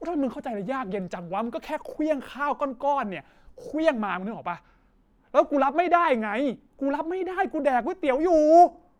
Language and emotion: Thai, angry